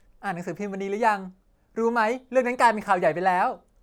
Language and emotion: Thai, happy